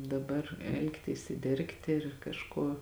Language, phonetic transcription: Lithuanian, daˈbar ˈelgtys ir ˈdergti ir kažˈkuo

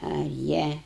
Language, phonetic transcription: Lithuanian, a ˈjie

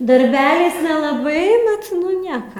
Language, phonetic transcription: Lithuanian, darˈbeliais nelaˈbai ˈbet ˈnu ˈnieka

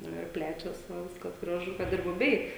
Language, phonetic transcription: Lithuanian, ˈnu ir ˈplečias va ˈviskas graˈžu ˈkad ir buˈbiai

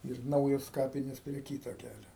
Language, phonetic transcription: Lithuanian, ir ˈnaujos ˈkapinės prie ˈkyto ˈkælio

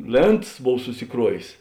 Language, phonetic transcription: Lithuanian, ˈlėntas ˈbov susiˈkruovės

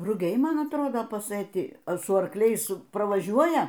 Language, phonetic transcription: Lithuanian, ruˈgiai ˈman atˈrodo pasɘˈti su arˈkliais pravaˈžiuoja

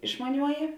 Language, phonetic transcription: Lithuanian, išmaˈniuoji

